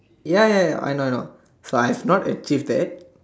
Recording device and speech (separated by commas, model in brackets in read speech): standing microphone, conversation in separate rooms